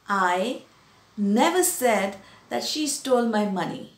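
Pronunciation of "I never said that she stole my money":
In 'I never said that she stole my money', the stress falls on the word 'never'.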